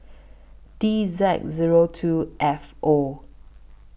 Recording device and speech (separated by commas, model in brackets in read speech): boundary microphone (BM630), read sentence